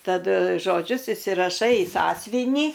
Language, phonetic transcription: Lithuanian, taˈdu žoˈdžius isiraˈšai i ˈsąsvinį

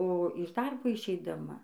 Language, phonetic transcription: Lithuanian, o iš ˈdarbo išeidaˈma

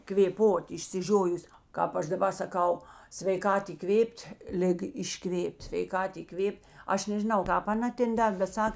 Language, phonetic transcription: Lithuanian, kvėˈpot išsiˈžiojus ˈkāp ˌaš daˈba saˈkau sveiˈkat įˈkvėp't' ˈliga išˈkvėp't' sveiˈkat įˈkvėp't' ˈaš nežiˈnau ˈkāp aˈna ˈten ˈdar' bet ˈsak

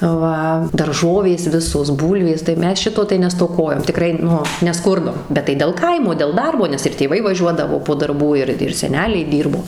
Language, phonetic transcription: Lithuanian, ˈva darˈžovės ˈvisos ˈbūlvės tai ˈmes ˈšito tai nestoˈkojom tiˈkrai ˈnu neˈskurdom bet tai del ˈkaimo del ˈdarbo nes ir tėˈvai vaˈžiuodavo po darˈbų ˈir ir seˈneliai ˈdyrbo

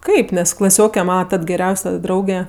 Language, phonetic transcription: Lithuanian, ˈkaip nes klaˈsioke ˈmana ˈtad geˈriausia ˈdrauge

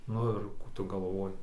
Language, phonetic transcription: Lithuanian, ˈnu ir ˈkų tu gaˈlvoji

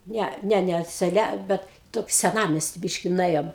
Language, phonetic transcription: Lithuanian, ˈne ˈne ˈne seˈle ˈbet ˈtoki seˈnamesti ˈbyški nuˈėjom

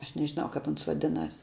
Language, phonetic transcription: Lithuanian, ˈaš nežiˈnau kap ˈuns vaˈdinas

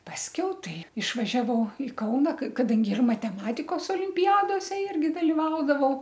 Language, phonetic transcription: Lithuanian, pasˈkiau ˈtai išvažiaˈvau i ˈkauna k kaˈdangi ir mateˈmatikos olimpiˈjadose ˈirgi daliˈvaudavau

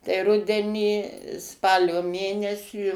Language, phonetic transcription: Lithuanian, tai ˈrudenį ˈspalio ˈmėnesį

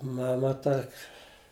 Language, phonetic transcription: Lithuanian, ˈmama ˈtak'

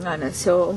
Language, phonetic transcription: Lithuanian, ˈna nes ˈjau

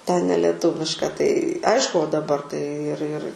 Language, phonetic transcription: Lithuanian, ten neleˈtuviška tai ˈaišku o daˈbar tai ir ir

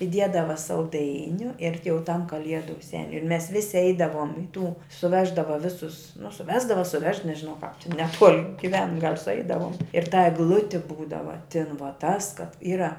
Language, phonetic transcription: Lithuanian, iˈdiedava salˈdainiu ir ti jau tam kaˈliedu ˈseniu ir mes ˈvisi ˈeidavuom i tų suˈveždava ˈvisus nu suˈvesdava suˈvež nežiˈnau kāp tin neˈtuol' giˈven gal' suˈeidavuom ir ta egˈluti ˈbūdava tin va tas kad ˈyra

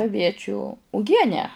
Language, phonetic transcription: Lithuanian, aˈviečiu uˈgienę

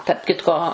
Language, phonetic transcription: Lithuanian, tarp ˈkitko

